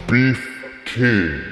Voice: Deep voice